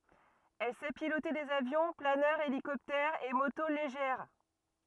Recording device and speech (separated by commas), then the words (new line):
rigid in-ear microphone, read sentence
Elle sait piloter des avions, planeurs, hélicoptères et motos légères.